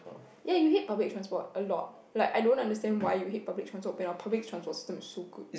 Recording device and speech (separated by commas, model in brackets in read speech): boundary microphone, conversation in the same room